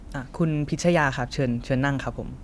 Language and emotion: Thai, neutral